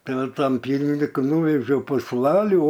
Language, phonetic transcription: Lithuanian, tai ˈva tam ˈpieniniku ˈnūvežiau pusˈlalių

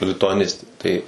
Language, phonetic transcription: Lithuanian, lituaˈnistė ˈtai

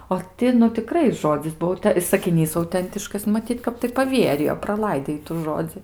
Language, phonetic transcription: Lithuanian, o ˈti nu tiˈkrai ˈžodzis ˈbuo ta i sakiˈnys auˈtentiškas maˈtyt ˈkap tai paˈvierijo praˈlaidė ˈitų ˈžodzi

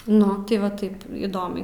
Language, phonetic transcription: Lithuanian, ˈnu ti va ˈtaip įˈdomiai

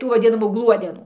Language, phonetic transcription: Lithuanian, ˈtų vaˈdinamų ˈgluodenų

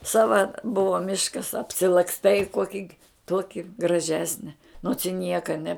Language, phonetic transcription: Lithuanian, ˈsava ˈbuvo ˈmiškas apsilaksˈtai ˈkuoki ˈtuoki graˈžesne nots i ˈnieka ne

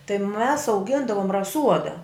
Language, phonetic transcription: Lithuanian, tai mes auˈgindavum raˈsuoda

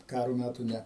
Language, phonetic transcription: Lithuanian, ˈkaro ˈmætų ˈne

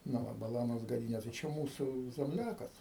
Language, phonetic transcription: Lithuanian, nu ˈva baˈlanos gaˈdynė tai ˈčia ˈmūsų zemˈliakas

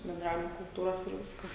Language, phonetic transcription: Lithuanian, benˈdravimo kulˈtūros ir ˈviska

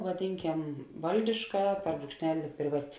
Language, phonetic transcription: Lithuanian, vaˈdinˌkem ˈvaldiška per brūkšˈneli priˈvati

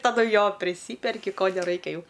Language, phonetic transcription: Lithuanian, taˈdu ˈjo priˈsyperki ˈko neˈraikia ˈjau

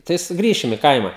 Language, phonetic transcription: Lithuanian, tai suˈgrįšim i ˈkaima

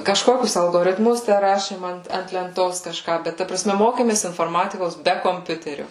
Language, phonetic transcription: Lithuanian, kažˈkokius algoritˈmus ˈtæ ˈrašėm ˈant ant lenˈtos kažˈką ˈbet ˈta praˈsme ˈmokėmės inforˈmatikos ˈbe komˈpiuterio

